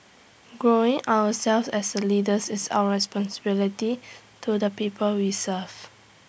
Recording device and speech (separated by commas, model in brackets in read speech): boundary microphone (BM630), read sentence